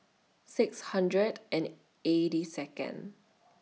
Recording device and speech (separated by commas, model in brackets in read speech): mobile phone (iPhone 6), read sentence